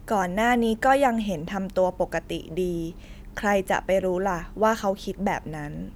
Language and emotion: Thai, neutral